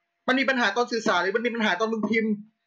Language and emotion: Thai, angry